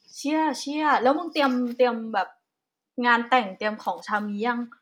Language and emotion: Thai, neutral